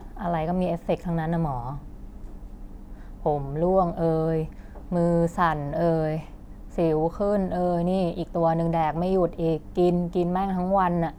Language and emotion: Thai, frustrated